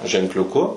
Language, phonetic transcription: Lithuanian, ženkliuˈku

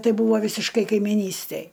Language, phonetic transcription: Lithuanian, ˈtai ˈbūvo vysišˈkai kaimiˈnystej

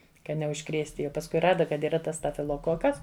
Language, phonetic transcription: Lithuanian, ka neužˈkrėsti jau pasˈkui ˈrada kad yˈra ˈtas stafiloˈkokas

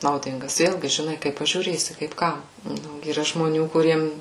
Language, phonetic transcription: Lithuanian, nauˈdingas ˈvėlgi žiˈnai kaip pažiūˈrėsi kaip ˈkam ˈnu yˈra žmoˈnių kuˈriems

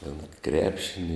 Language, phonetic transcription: Lithuanian, ten ˈkrepšini

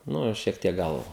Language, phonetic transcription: Lithuanian, ˈnu ir šiek ˈtiek ˈgal

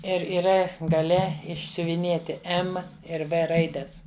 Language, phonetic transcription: Lithuanian, ˈir yˈra gaˈle išsiuviˈnėti ˈem ir ˈvɘ ˈraides

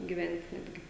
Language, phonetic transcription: Lithuanian, giˈven't' ˈnetgi

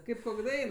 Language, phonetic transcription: Lithuanian, ˈkaip ˈkok' ˈdain

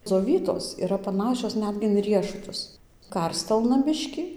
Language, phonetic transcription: Lithuanian, dzoˈvytos yˈra paˈnašios ˈnetgi in ˈriešutus ˈkarstelna ˈbiškį

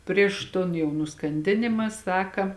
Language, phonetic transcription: Lithuanian, ˈprieš ton ˈjau nuskanˈdinima ˈsaka

